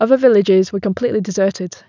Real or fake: real